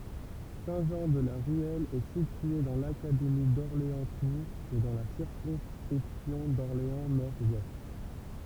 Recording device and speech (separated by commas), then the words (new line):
temple vibration pickup, read sentence
Saint-Jean-de-la-Ruelle est situé dans l'académie d'Orléans-Tours et dans la circonscription d'Orléans-Nord-Ouest.